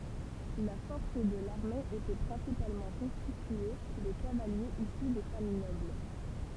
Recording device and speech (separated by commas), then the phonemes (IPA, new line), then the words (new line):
temple vibration pickup, read sentence
la fɔʁs də laʁme etɛ pʁɛ̃sipalmɑ̃ kɔ̃stitye də kavaljez isy de famij nɔbl
La force de l’armée était principalement constituée de cavaliers issus des familles nobles.